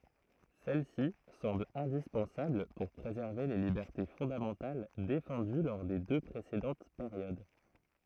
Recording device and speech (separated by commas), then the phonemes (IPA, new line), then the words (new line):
throat microphone, read sentence
sɛl si sɑ̃bl ɛ̃dispɑ̃sabl puʁ pʁezɛʁve le libɛʁte fɔ̃damɑ̃tal defɑ̃dy lɔʁ de dø pʁesedɑ̃t peʁjod
Celle-ci semble indispensable pour préserver les libertés fondamentales défendues lors des deux précédentes périodes.